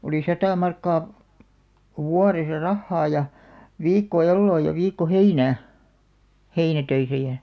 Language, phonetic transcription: Finnish, olì 'satà 'markkaa , "wuaresa "rahhaa ja , 'viikko "elloo ja 'viikko "heinää , 'heinätöisä jä̳§ .
- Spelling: oli sata markkaa vuodessa rahaa ja viikko eloa ja viikko heinää heinätöissä ja

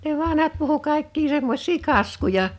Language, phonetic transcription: Finnish, ne 'vanhat puhu 'kàḙkki 'semmoś̀ii 'kaskuja .
- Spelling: ne vanhat puhui kaikki semmoisia kaskuja

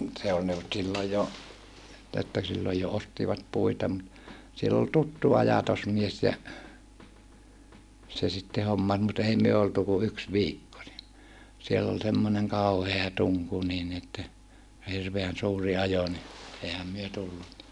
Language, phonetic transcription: Finnish, se ol ne ol silloj jo , että silloj jo ostivat puita mut , siell ‿ol tuttu ajatosmies ja , se sitte hommas mut ei myö oltu ku yks viikko ni , siell ‿ol semmoneŋ kàuhea tuŋku niin ni että , ja hirveän suur̀i ajo ni , eihäm myö tullu(nna) .
- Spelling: se oli ne oli silloin jo että silloin jo ostivat puita mutta siellä oli tuttu ajatusmies ja se sitten hommasi mutta ei me oltu kuin yksi viikko niin siellä oli semmoinen kauhea tunku niin niin että ja hirveän suuri ajo niin eihän me tullut

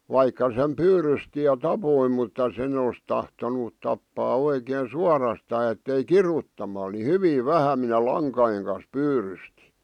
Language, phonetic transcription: Finnish, 'vaikka sem "pyyrysti ja "tapoi mutta 'sen ‿os tahtonut tappaa 'oikeen 'suarastaa ettei "kiruttamal ni "hyvì "vähä minä "laŋkajeŋ kan̬s 'pyyrysti .
- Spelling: vaikka sen pyydysti ja tappoi mutta sen olisi tahtonut tappaa oikein suorastaan että ei kiduttamalla niin hyvin vähän minä lankojen kanssa pyydystin

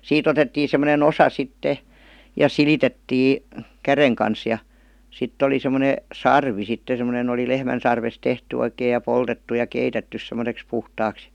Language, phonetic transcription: Finnish, 'siit otettii sem̆mo-ne"n ‿osa 'sitte , ja "silitettii , "käreŋ kans ja , 'sitt ‿oli 'sem̀one , "sarvi sitte sem°nen ‿oli "lehmän̬ sarves 'tehty oikeij̆ ja "poltettu ja 'keitettys sem̀°seks 'puhtaaks .
- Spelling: siitä otettiin semmoinen osa sitten ja silitettiin käden kanssa ja sitten oli semmoinen sarvi sitten semmoinen oli lehmän sarvesta tehty oikein ja poltettu ja keitetty semmoiseksi puhtaaksi

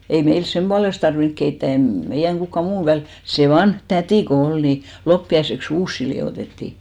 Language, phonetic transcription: Finnish, ei 'meils "semʙualest tarviŋk keittä̀ , e(m) , meijäŋ 'kukka 'muu väl(i) , se 'vanh "tätì ko 'ol ni , 'loppi₍aisek"s ‿uussi li₍òtetti .
- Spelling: ei meillä sen puolesta tarvinnut keittää ei meidän kukaan muu väli se vanha täti kun oli niin loppiaiseksi uusia liotettiin

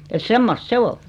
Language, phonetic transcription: Finnish, et 'semmost "se ol .
- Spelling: että semmoista se oli

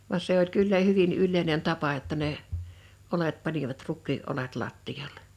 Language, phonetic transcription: Finnish, van 'se ‿oĺ 'kyllä 'hyvin 'yllèinen 'tapa (jo)tta ne , 'olet 'panivat "ruk̆kii 'olet 'lattijallᴇ .
- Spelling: vaan se oli kyllä hyvin yleinen tapa jotta ne oljet panivat rukiin oljet lattialle

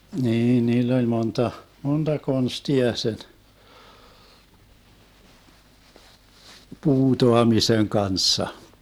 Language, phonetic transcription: Finnish, 'niin 'niill ‿oĺ 'monta , 'monta "konstia sen , 'puutoamiseŋ 'kanssa .
- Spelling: niin niillä oli monta monta konstia sen puutaamisen kanssa

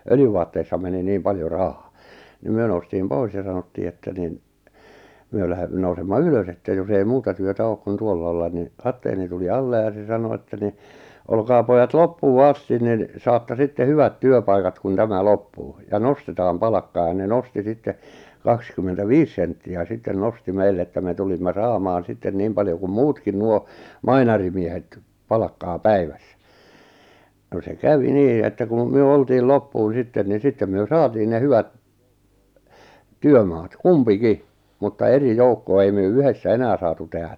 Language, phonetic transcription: Finnish, 'öljyvaatteissa meni 'niim paljo 'rahᴀᴀ , ni 'myö noustiim 'pois ja 'sanottii että nin , 'myö läh(e)- , nousemma "ylös ‿että jos ‿ei 'muuta työtä 'ook kun 'tuolla ollan ni , 'katteeni tuli "alle ja 'se 'sano että ni , » 'olkaa 'pojat "loppuu "astin nin , 'saatta sitte 'hyvät "työpaikat kun "tämä "loppuu , ja "nostetaam "palakkaa « ja ne "nosti 'sitte , 'kakskymmentä"viis sentti₍ä 'sitten 'nosti 'meill ‿että me 'tulimma "saamaan 'sitten 'niim paljo kum "muutkin nuo , "mainarimiehet , "palakkaa "päivᴀ̈ssᴀ̈ , no se "kävi "nii että kun̬ , 'myö 'oltiil "loppuun̬ ''sitten ni 'sittem myö "saatiin ne 'hyvät , "työmaat , "kumpi'ki , mutta 'eri "joukko₍a ei myö "yhessä "enää saatu 'tehä .
- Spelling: öljyvaatteissa meni niin paljon rahaa niin me noustiin pois ja sanottiin että niin me - nousemme ylös että jos ei muuta työtä ole kuin tuolla olla niin kapteeni tuli alle ja se sanoi että niin olkaa pojat loppuun asti niin saatte sitten hyvät työpaikat kun tämä loppuu ja nostetaan palkkaa ja ne nosti sitten kaksikymmentäviisi senttiä sitten nosti meille että me tulimme saamaan sitten niin paljon kuin muutkin nuo mainarimiehet palkkaa päivässä no se kävi niin että kun me oltiin loppuun sitten niin sitten me saatiin ne hyvät työmaat kumpikin mutta eri joukkoa ei me yhdessä enää saatu tehdä

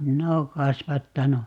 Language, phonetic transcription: Finnish, "minä oo 'kasvattanu .
- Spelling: minä olen kasvattanut

